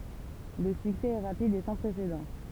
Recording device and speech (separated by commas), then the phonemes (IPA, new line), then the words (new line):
temple vibration pickup, read sentence
lə syksɛ ɛ ʁapid e sɑ̃ pʁesedɑ̃
Le succès est rapide et sans précédent.